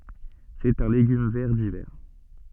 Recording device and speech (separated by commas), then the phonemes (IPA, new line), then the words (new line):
soft in-ear microphone, read sentence
sɛt œ̃ leɡym vɛʁ divɛʁ
C’est un légume vert d’hiver.